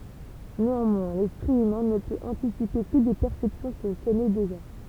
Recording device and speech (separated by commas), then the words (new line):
temple vibration pickup, read sentence
Néanmoins, l'esprit humain ne peut anticiper que des perceptions qu'il connaît déjà.